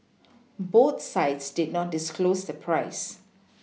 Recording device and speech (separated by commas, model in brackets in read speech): mobile phone (iPhone 6), read sentence